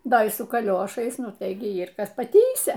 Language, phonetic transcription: Lithuanian, ˈda y su kaˈliošais ˈnu tai gi ˈyr ˈkas paˈtįsia

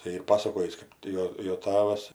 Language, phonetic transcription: Lithuanian, tai ˈyr ˈpasakojįs ˈkap ti jo jo ˈtavas

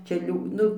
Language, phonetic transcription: Lithuanian, ˈčia ˈliū ˈnu

